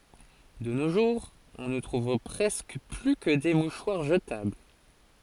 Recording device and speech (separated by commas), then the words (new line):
forehead accelerometer, read sentence
De nos jours, on ne trouve presque plus que des mouchoirs jetables.